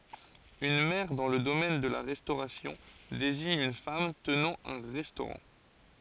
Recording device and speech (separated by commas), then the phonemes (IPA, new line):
forehead accelerometer, read sentence
yn mɛʁ dɑ̃ lə domɛn də la ʁɛstoʁasjɔ̃ deziɲ yn fam tənɑ̃ œ̃ ʁɛstoʁɑ̃